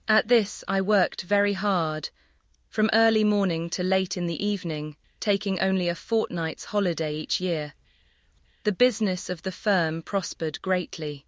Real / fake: fake